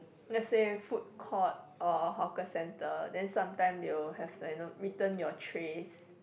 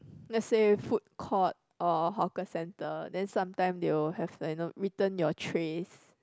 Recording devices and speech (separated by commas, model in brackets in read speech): boundary microphone, close-talking microphone, conversation in the same room